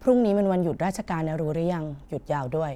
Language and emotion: Thai, neutral